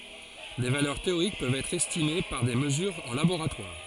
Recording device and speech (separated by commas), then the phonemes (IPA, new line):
forehead accelerometer, read sentence
de valœʁ teoʁik pøvt ɛtʁ ɛstime paʁ de məzyʁz ɑ̃ laboʁatwaʁ